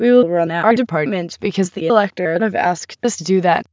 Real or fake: fake